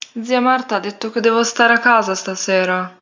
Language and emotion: Italian, sad